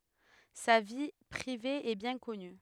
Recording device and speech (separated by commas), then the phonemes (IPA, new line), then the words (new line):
headset microphone, read sentence
sa vi pʁive ɛ bjɛ̃ kɔny
Sa vie privée est bien connue.